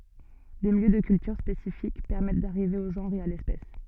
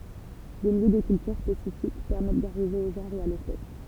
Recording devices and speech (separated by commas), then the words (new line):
soft in-ear microphone, temple vibration pickup, read sentence
Des milieux de cultures spécifiques permettent d'arriver au genre et à l'espèce.